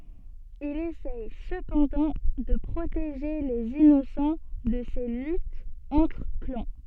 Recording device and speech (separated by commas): soft in-ear microphone, read sentence